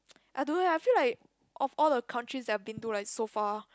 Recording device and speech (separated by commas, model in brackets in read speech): close-talking microphone, conversation in the same room